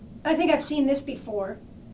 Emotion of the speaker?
neutral